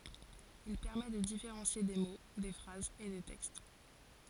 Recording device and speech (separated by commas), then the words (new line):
forehead accelerometer, read sentence
Il permet de différencier des mots, des phrases et des textes.